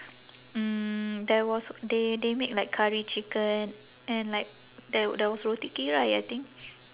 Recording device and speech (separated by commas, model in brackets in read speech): telephone, conversation in separate rooms